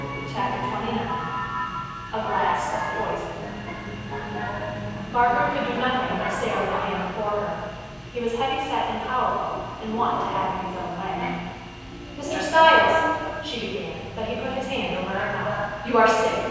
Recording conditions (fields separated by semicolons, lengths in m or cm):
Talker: one person; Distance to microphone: 7.1 m; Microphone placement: far; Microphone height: 1.7 m; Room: very reverberant, large; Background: television